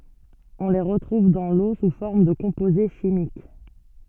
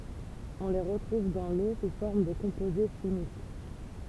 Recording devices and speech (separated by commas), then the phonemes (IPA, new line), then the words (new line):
soft in-ear microphone, temple vibration pickup, read sentence
ɔ̃ le ʁətʁuv dɑ̃ lo su fɔʁm də kɔ̃poze ʃimik
On les retrouve dans l'eau sous forme de composés chimiques.